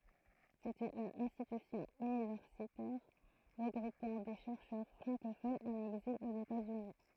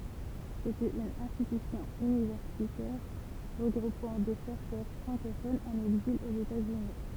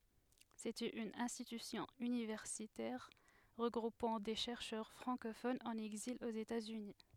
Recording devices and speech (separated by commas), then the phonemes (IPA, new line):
throat microphone, temple vibration pickup, headset microphone, read sentence
setɛt yn ɛ̃stitysjɔ̃ ynivɛʁsitɛʁ ʁəɡʁupɑ̃ de ʃɛʁʃœʁ fʁɑ̃kofonz ɑ̃n ɛɡzil oz etatsyni